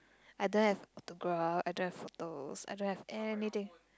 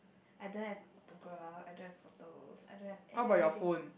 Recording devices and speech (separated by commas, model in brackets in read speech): close-talking microphone, boundary microphone, conversation in the same room